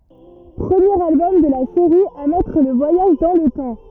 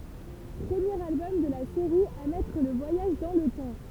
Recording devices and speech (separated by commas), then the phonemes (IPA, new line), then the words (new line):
rigid in-ear microphone, temple vibration pickup, read sentence
pʁəmjeʁ albɔm də la seʁi a mɛtʁ lə vwajaʒ dɑ̃ lə tɑ̃
Premier album de la série à mettre le voyage dans le temps.